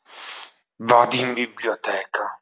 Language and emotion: Italian, angry